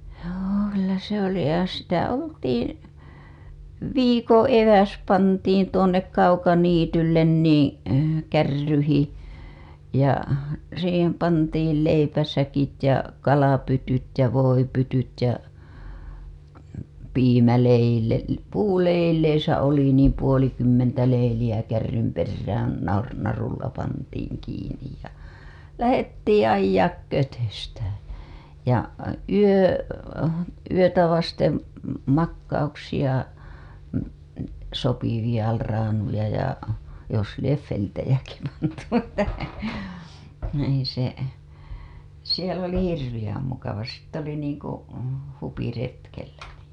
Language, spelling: Finnish, joo kyllä se oli ja sitä oltiin viikon eväs pantiin tuonne kaukaniitylle niin kärryihin ja siihen pantiin leipäsäkit ja kalapytyt ja voipytyt ja - puuleilissä oli niin puolikymmentä leiliä kärrynperään - narulla pantiin kiinni ja lähdettiin ajaa kötöstämään ja - yötä vasten makauksia sopivia raanuja ja jos lie vilttejäkin pantu että no ei se siellä oli hirveän mukava sitten oli niin kuin huviretkellä niin
- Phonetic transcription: joo kyllä se ‿oli ja sitä "oltiiḭ , "viikoo̰ 'eväs pantiin tuonnek 'kaukaniityllen nii , 'kärryhi , ja , siihem pantiil 'leipäsäkit ja , 'kalapytyt ja , 'voipytyt ja , 'piimäleile- , 'puuleileisä oli niim puolikymmentä leilijä kärrymperrään nar- , narulla pantiiŋ kiin̆nij ja , "lähettiiḭ 'ajjaak 'kötöstääᴺ ja yö- , 'yötä vastem , makkauksija , sopiviʲa , raanuja ja , jos lief 'feltejäki pantu (että) , n ‿ei se , siel ‿oli "hirvijäm 'mukava sitt ‿oli niiŋ ku , 'hupiretkellä (nii) .

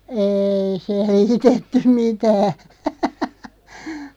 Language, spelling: Finnish, ei selitetty mitään
- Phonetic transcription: 'êi 'seliitettym "mitää .

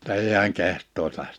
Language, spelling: Finnish, jotta ei hän kehtaisi -
- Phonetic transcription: [jo]tta 'ei hi̬äŋ 'keht̆tò(is) 'läht- .

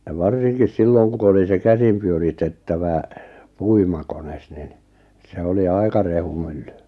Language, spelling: Finnish, ja varsinkin silloin kun oli se käsin pyöritettävä puimakone niin se oli aika rehumylly
- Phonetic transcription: ʲa 'varsinkis 'silloŋ ku oli se 'käsim pyöritettävä , 'puimakones nin , 'se oli 'ai̬ka 'rehumylly .

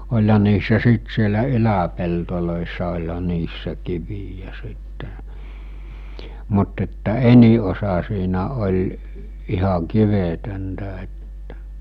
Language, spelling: Finnish, olihan niissä siitä siellä yläpelloissa olihan niissä kiviä sitten mutta että enin osa siinä oli ihan kivetöntä että
- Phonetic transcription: oĺha niissä 'siit sielä 'yläpeltolòissa oĺha 'niissä kivijä sitte , mut että "eni osa siinä oĺ , iha 'kivetöntä ettᴀ̈ .

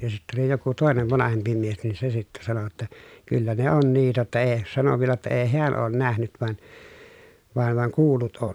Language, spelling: Finnish, ja sitten oli joku toinen vanhempi mies niin se sitten sanoi jotta kyllä ne on niitä että ei sanoi vielä että ei hän ole nähnyt vaan vaan vaan kuullut on
- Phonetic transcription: ja sittä oli joku tòenev vanahempi mies nin se sittä sano ‿tta , » kyllä ne on niitä ‿ttä ee » , sano vielä ‿ttä ee heän oon nähnyt van , van vaŋ kuul̀ut on .

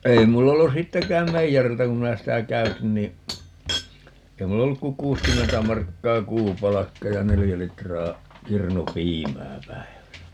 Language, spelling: Finnish, ei minulla ollut sittenkään meijeriltä kun minä sitä käytin niin ei minulla ollut kuin kuusikymmentä markkaa kuupalkka ja neljä litraa kirnupiimää päivässä
- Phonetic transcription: 'ei mul'l ‿ollu "sittekääm 'meijäriltä kum 'minä 'sitä "käytin nii , 'ei mul"l ‿olluk ku "kuuskymmentä 'markkaa "kuupalakka ja "nelijä 'litraa , 'kirnu"piimää 'päi̮väsä .

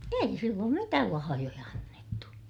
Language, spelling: Finnish, ei silloin mitään lahjoja annettu
- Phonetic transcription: ei silloom mitääl lahajoja annettu .

